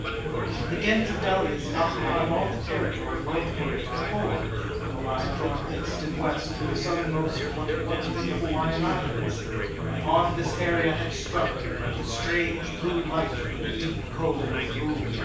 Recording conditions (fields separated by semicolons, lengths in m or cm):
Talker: one person; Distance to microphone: 9.8 m; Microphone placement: far; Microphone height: 1.8 m; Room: large; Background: babble